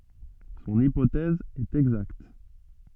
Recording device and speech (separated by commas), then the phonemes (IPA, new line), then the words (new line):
soft in-ear microphone, read sentence
sɔ̃n ipotɛz ɛt ɛɡzakt
Son hypothèse est exacte.